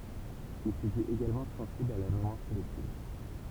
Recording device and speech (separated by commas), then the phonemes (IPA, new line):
temple vibration pickup, read sentence
il sə dit eɡalmɑ̃ sɑ̃sibl a la memwaʁ kɔlɛktiv